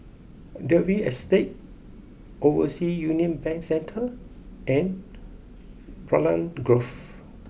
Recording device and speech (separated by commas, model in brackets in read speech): boundary microphone (BM630), read sentence